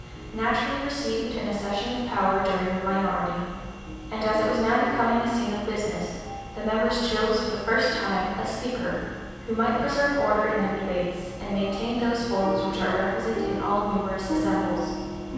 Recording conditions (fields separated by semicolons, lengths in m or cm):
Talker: one person; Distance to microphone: 7.1 m; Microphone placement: far; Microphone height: 1.7 m; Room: very reverberant, large; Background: music